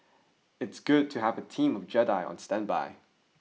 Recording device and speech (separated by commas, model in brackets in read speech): mobile phone (iPhone 6), read sentence